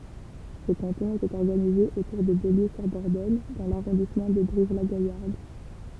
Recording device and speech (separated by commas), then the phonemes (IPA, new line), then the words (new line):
temple vibration pickup, read sentence
sə kɑ̃tɔ̃ etɛt ɔʁɡanize otuʁ də boljøzyʁdɔʁdɔɲ dɑ̃ laʁɔ̃dismɑ̃ də bʁivlaɡajaʁd
Ce canton était organisé autour de Beaulieu-sur-Dordogne dans l'arrondissement de Brive-la-Gaillarde.